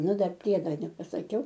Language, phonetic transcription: Lithuanian, ˈnu ˈdar ˈpriedo nepasaˈkiau

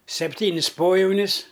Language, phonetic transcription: Lithuanian, sepˈtynis ˈpojaunis

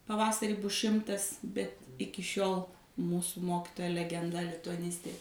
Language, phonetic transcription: Lithuanian, paˈvasarį ˈbus ˈšimtas bet ˈiki ˈšiol ˈmūsu ˈmokitoja legenˈda lituaˈnistė

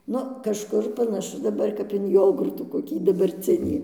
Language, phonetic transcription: Lithuanian, ˈnu kažˈkur panaˈšu daˈbar kap in ˈjogurtų koˈkį dabarˈcinį

